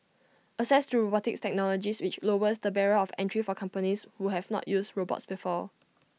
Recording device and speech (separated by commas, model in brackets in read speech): mobile phone (iPhone 6), read sentence